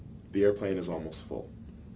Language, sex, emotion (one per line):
English
male
neutral